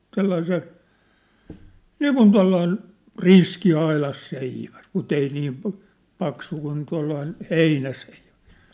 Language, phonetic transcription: Finnish, 'sellain se , "niikun 'tua̭llain , "riski 'ailas'seiväs , mut ‿ei niim̳ , 'paksu kun tua̭llain , "heinäseivᴀ̈(s) .
- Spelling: sellainen se niin kuin tuollainen riski aidanseiväs mutta ei niin paksu kuin tuollainen heinäseiväs

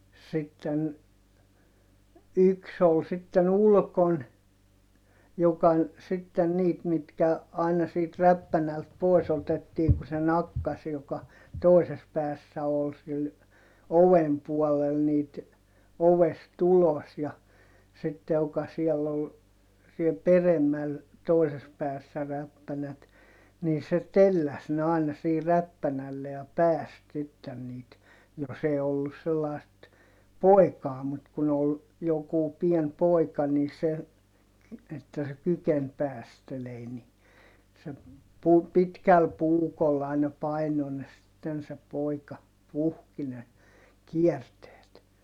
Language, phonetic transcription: Finnish, sitten , yks ‿ol sitten ‿ulkon , joka , sitten niit mitkä , aina siit räppänält poi̮s ‿otettiiŋ ku se nakkas joka , toises päässä ol sil , ovem puɔlel niit , ovest ‿ulos ja , sitte ʲoka siɛll ‿ol , siel peremmäl , toises päässä räppänät , nii se telläs ne àina sii räppänälle ja pääst sitten niit , jos ‿ee ollus sellài̮st , pòi̮kaa mut kun ‿ol , jokù pien poi̮ka nii se , että se kyken päästelei ni , se , pu- , pitkäl puukol aina paino ne sitten se pòika , puhki ne , kiɛrteet .
- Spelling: sitten yksi oli sitten ulkona joka sitten niitä mitkä aina siitä räppänältä pois otettiin kun se nakkasi joka toisessa päässä oli sillä oven puolella niitä ovesta ulos ja sitten joka siellä oli siellä peremmällä toisessa päässä räppänät niin se telläsi ne aina siihen räppänälle ja päästi sitten niitä jos ei ollut sellaista poikaa mutta kun oli joku pieni poika niin se että se kykeni päästelemään niin se - pitkällä puukolla aina painoi ne sitten se poika puhki ne kierteet

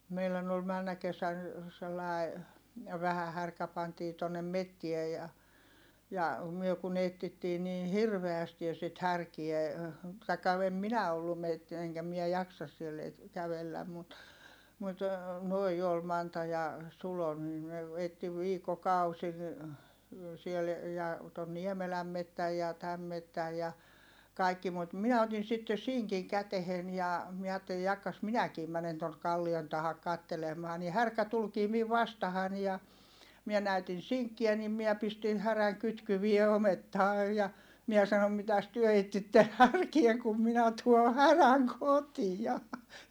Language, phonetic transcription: Finnish, meilän ‿ol männä kesän , sellài̮ , vähä härkä pantii tonnem mettie ja , ja , myö kun ‿ettittii niin̬ hirveästi ja sit härkie , taikka em minä ollum metti- eŋkä mie jaksas siell ‿e- , kävelläm mut , mut , noi ol Manta ja , Sulo nii ne , etti viikkokausi- , siel , ja , ton Niemeläm mettäj ja täm mettäj ja , kàikki - mut miɛ otin̬ sitte siŋkiŋ kätehen ja , miɛ aatteli » jakkas minäkii mänen tonk̆ kallion tahak kattelem̆maa » ni härkä tulkii miv vastahan ja , miɛ näytin̬ siŋkkiä nim miä pistin häräŋ kytkyvie omettaa ja , miɛ sanom » mitäs työ ettitten härkie kum minä tuo häräŋ kotija » .
- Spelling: meidän oli menneenä kesänä sellainen vähä härkä pantiin tuonne metsään ja ja me kun etsittiin niin hirveästi ja sitä härkää tai en minä ollut - enkä minä jaksa siellä - kävellä mutta mutta nuo oli Manta ja Sulo niin ne etsi viikkokausia siellä ja tuon Niemelän metsän ja tämän metsän ja kaikki mutta minä otin sitten sinkin käteen ja minä ajattelin jahka minäkin menen tuonne kallion taa katselemaan niin härkä tulikin minua vastaan ja minä näytin sinkkiä niin minä pistin härän kytkyen omettaan ja minä sanoin mitäs te etsitte härkää kun minä tuon härän kotia

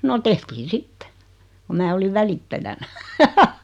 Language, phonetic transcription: Finnish, 'no tehtiin "sitte , ku 'mää oliv "välittäjänä .
- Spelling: no tehtiin sitten kun minä olin välittäjänä

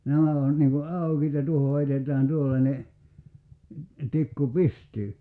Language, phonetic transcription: Finnish, 'nämä on niŋ ku "àukiit ja 'tuoho 'heitet̀ään 'tuollańe , 'tikku "pistyy .
- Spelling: nämä on niin kun aukeat ja tuohon heitetään tuollainen tikku pystyyn

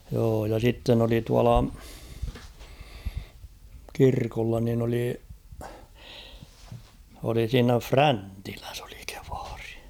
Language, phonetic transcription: Finnish, joo ja sitten ‿oli 'tuala , 'kirkolla nin ‿oli , oli siinä "Fräntiläs ‿ᴏʟɪ kᴇᴠᴀʀɪ .
- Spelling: joo ja sitten oli tuolla kirkolla niin oli oli siinä Fräntilässä oli kievari

